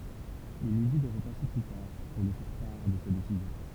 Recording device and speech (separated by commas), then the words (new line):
temple vibration pickup, read sentence
Il lui dit de repasser plus tard pour lui faire part de sa décision.